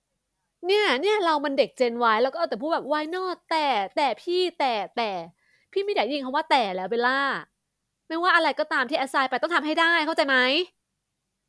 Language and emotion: Thai, frustrated